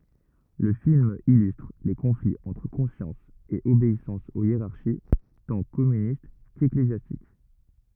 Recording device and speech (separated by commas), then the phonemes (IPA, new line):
rigid in-ear microphone, read sentence
lə film ilystʁ le kɔ̃fliz ɑ̃tʁ kɔ̃sjɑ̃s e obeisɑ̃s o jeʁaʁʃi tɑ̃ kɔmynist keklezjastik